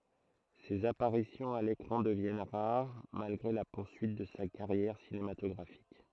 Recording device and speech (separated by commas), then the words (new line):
throat microphone, read sentence
Ses apparitions à l'écran deviennent rares, malgré la poursuite de sa carrière cinématographique.